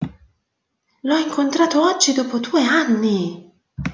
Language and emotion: Italian, surprised